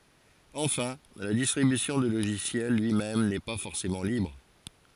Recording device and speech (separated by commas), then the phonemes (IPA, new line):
forehead accelerometer, read sentence
ɑ̃fɛ̃ la distʁibysjɔ̃ dy loʒisjɛl lyi mɛm nɛ pa fɔʁsemɑ̃ libʁ